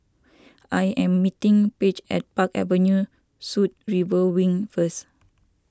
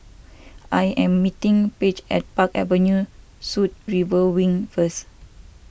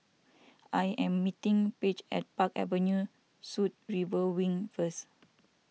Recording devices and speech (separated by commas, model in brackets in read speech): standing microphone (AKG C214), boundary microphone (BM630), mobile phone (iPhone 6), read sentence